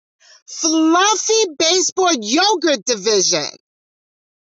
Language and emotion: English, happy